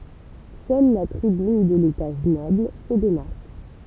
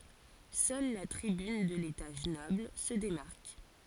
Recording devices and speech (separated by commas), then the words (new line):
temple vibration pickup, forehead accelerometer, read sentence
Seule la tribune de l'étage noble se démarque.